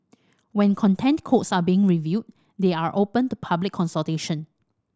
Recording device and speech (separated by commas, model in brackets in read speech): standing microphone (AKG C214), read sentence